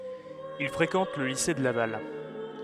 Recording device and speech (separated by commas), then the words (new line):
headset microphone, read sentence
Il fréquente le lycée de Laval.